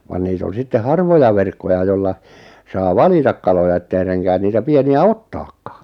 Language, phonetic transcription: Finnish, van 'niit ‿on̬ 'sitte "harvoja 'verkkoja jolla , 'saa "valitak kaloja ettei 'reŋkään 'niitä 'pieni₍ä "ottakkᴀᴀ .
- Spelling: vaan niitä on sitten harvoja verkkoja jolla saa valita kaloja että ei renkää niitä pieniä ottaakaan

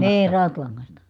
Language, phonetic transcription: Finnish, nii , rautlaŋŋasta .
- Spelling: niin rautalangasta

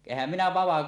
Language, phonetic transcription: Finnish, ehhäm 'minä 'vava- .
- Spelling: enhän minä -

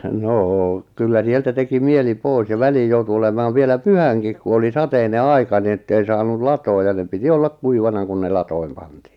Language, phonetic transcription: Finnish, 'noo , kyllä 'sieltä teki 'mieli 'pòis ja 'väliij joutu olemaav 'vielä "pyhäŋkik ku oli "sateine "aika ni ettei 'saanul "latooj ja ne 'piti "ollak 'kuivana kun ne 'latoim 'pantii .
- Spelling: no kyllä sieltä teki mieli pois ja väliin joutui olemaan vielä pyhänkin kun oli sateinen aika niin että ei saanut latoon ja ne piti olla kuivana kun ne latoihin pantiin

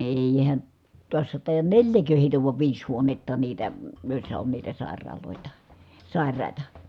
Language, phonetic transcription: Finnish, èihän , tuassa tàijan neĺjäkö hèitä vuav viis huonetta niitä , jòi̮ssa on niitä sàer̆raalòeta , sài̮rài̮ta .
- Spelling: eihän tuossa taida neljä heitä vai viisi huonetta niitä joissa on niitä sairaaloita sairaita

